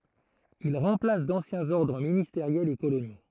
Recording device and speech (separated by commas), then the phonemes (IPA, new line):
throat microphone, read sentence
il ʁɑ̃plas dɑ̃sjɛ̃z ɔʁdʁ ministeʁjɛlz e kolonjo